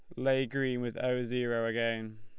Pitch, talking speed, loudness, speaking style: 120 Hz, 180 wpm, -32 LUFS, Lombard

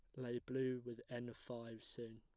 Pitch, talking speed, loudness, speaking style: 120 Hz, 185 wpm, -47 LUFS, plain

